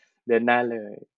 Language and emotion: Thai, neutral